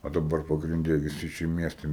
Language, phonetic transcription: Lithuanian, o daˈbar pagrinˈde viˈsi čia ˈmieste

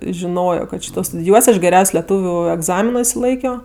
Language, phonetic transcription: Lithuanian, žiˈnojo kad ˈšyto studiˈjuos' aš geriaus' leˈtūviu egˈzamino išsiˈlaikio

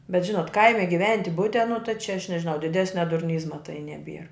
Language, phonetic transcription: Lithuanian, bet ˈžinot ˈkaimi giˈventi ˈbute nu tai čia aš nežiˈnau diˈdesnia durˈnyzma tai neˈbier

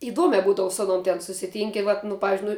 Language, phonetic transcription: Lithuanian, iˈduome ˈbūdavu su aˈnuom ten susiˈtynki ˈvat nu ˈpavizdžiui nu

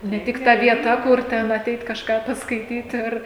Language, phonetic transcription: Lithuanian, ne ˈtik ˈta vieˈta ˈkur ˈten aˈteit kažˈką paskaiˈtyt ˈir

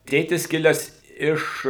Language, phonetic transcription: Lithuanian, ˈtėtis ˈkiles ˈiš

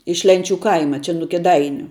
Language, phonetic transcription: Lithuanian, iš ˈlenˌčių ˈkaima čia nu kėˈdainiu

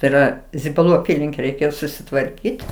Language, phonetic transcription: Lithuanian, tai yˈra zibaˈlų aˈpylinke reiˈkėjo susitvarˈkyt'

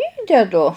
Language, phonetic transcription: Lithuanian, ˈįdedu

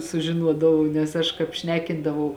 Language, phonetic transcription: Lithuanian, sužiˈnuodavau nes ˈaš ˈkāp ˈšnekindavau

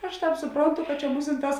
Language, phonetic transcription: Lithuanian, aš ˈtāp suˈpronˌtu ka čia ˈmusinˌtās

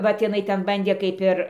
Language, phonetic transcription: Lithuanian, ˈvat iˈnai ˈten ˈbandė kaip ˈir

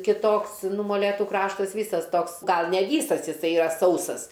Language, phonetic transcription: Lithuanian, kiˈtoks ˈnu moˈlėtu ˈkraštas ˈvysas ˈtoks ˈgal ne ˈvysas jiˈsai iˈra ˈsausas

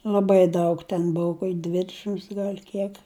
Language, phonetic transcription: Lithuanian, laˈbai ˈdaug ten ˈbuu kok' ˈdvidešims gal' ˈkiek

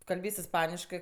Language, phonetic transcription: Lithuanian, kalˈbės' isˈpaniškɜ

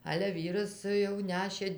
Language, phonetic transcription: Lithuanian, ale ˈvyras jau ˈnešė

